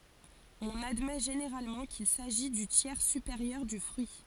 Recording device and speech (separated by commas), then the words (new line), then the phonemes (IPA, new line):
forehead accelerometer, read sentence
On admet généralement qu'il s'agit du tiers supérieur du fruit.
ɔ̃n admɛ ʒeneʁalmɑ̃ kil saʒi dy tjɛʁ sypeʁjœʁ dy fʁyi